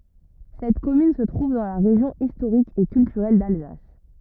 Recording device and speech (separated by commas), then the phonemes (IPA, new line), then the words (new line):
rigid in-ear microphone, read sentence
sɛt kɔmyn sə tʁuv dɑ̃ la ʁeʒjɔ̃ istoʁik e kyltyʁɛl dalzas
Cette commune se trouve dans la région historique et culturelle d'Alsace.